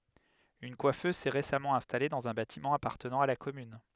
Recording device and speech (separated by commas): headset microphone, read sentence